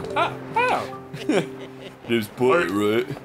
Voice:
low voice